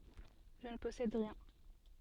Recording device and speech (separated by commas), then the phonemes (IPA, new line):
soft in-ear microphone, read sentence
ʒə nə pɔsɛd ʁiɛ̃